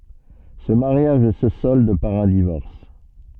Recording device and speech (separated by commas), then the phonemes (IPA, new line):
soft in-ear microphone, read sentence
sə maʁjaʒ sə sɔld paʁ œ̃ divɔʁs